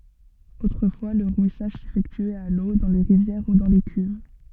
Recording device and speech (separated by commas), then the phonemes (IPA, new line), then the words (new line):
soft in-ear microphone, read sentence
otʁəfwa lə ʁwisaʒ sefɛktyɛt a lo dɑ̃ le ʁivjɛʁ u dɑ̃ de kyv
Autrefois, le rouissage s'effectuait à l'eau, dans les rivières ou dans des cuves.